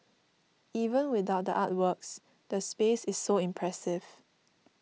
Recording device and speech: mobile phone (iPhone 6), read sentence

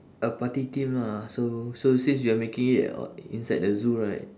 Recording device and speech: standing microphone, conversation in separate rooms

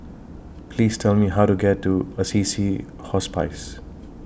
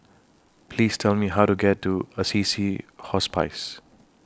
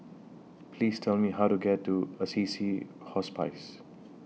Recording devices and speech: boundary microphone (BM630), standing microphone (AKG C214), mobile phone (iPhone 6), read sentence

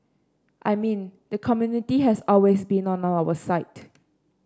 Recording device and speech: standing microphone (AKG C214), read sentence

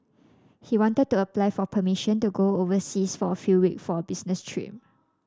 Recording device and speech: standing microphone (AKG C214), read sentence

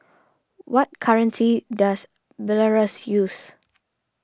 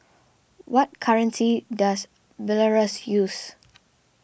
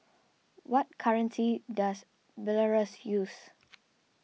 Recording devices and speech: standing microphone (AKG C214), boundary microphone (BM630), mobile phone (iPhone 6), read sentence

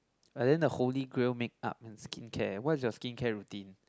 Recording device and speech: close-talking microphone, conversation in the same room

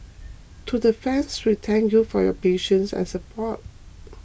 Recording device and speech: boundary microphone (BM630), read sentence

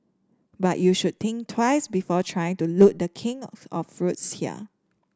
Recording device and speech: standing microphone (AKG C214), read sentence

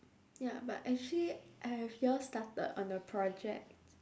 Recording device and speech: standing microphone, conversation in separate rooms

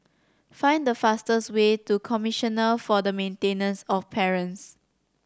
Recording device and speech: standing microphone (AKG C214), read sentence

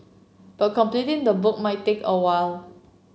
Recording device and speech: mobile phone (Samsung C7), read sentence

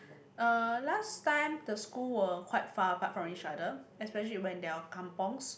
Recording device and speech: boundary microphone, conversation in the same room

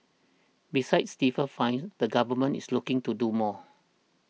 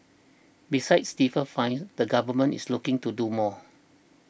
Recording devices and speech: mobile phone (iPhone 6), boundary microphone (BM630), read sentence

